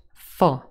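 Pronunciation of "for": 'For' is said in its weak form, with the vowel reduced to a schwa rather than a long o sound.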